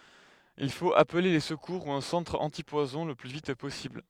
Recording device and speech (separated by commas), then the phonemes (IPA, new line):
headset microphone, read sentence
il fot aple le səkuʁ u œ̃ sɑ̃tʁ ɑ̃tipwazɔ̃ lə ply vit pɔsibl